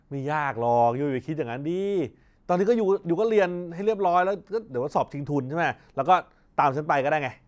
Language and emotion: Thai, frustrated